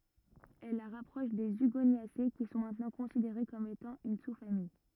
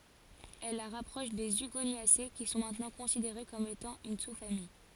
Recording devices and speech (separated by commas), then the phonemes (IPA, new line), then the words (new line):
rigid in-ear microphone, forehead accelerometer, read sentence
ɛl la ʁapʁɔʃ de yɡonjase ki sɔ̃ mɛ̃tnɑ̃ kɔ̃sideʁe kɔm etɑ̃ yn susfamij
Elle la rapproche des Hugoniacées qui sont maintenant considérées comme étant une sous-famille.